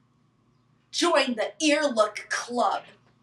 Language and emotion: English, disgusted